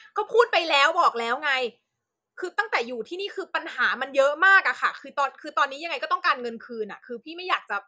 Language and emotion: Thai, angry